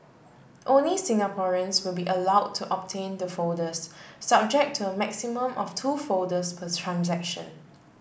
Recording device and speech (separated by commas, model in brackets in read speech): boundary microphone (BM630), read sentence